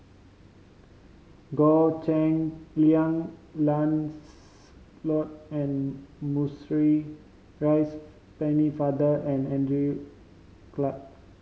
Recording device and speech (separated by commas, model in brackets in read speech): mobile phone (Samsung C5010), read sentence